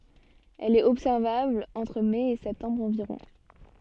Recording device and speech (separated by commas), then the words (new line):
soft in-ear microphone, read sentence
Elle est observable entre mai et septembre environ.